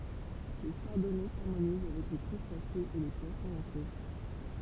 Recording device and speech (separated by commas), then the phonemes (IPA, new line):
temple vibration pickup, read sentence
lə ʃaʁdɔnɛ saʁmoniz avɛk le kʁystasez e le pwasɔ̃z ɑ̃ sos